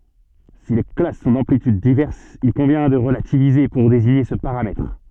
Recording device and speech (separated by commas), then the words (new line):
soft in-ear microphone, read sentence
Si les classes sont d'amplitudes diverses, il convient de relativiser pour désigner ce paramètre.